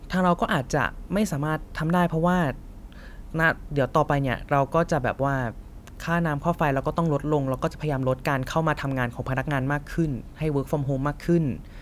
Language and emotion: Thai, neutral